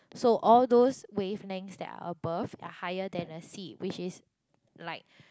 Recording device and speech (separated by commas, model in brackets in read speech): close-talking microphone, conversation in the same room